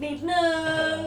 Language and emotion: Thai, happy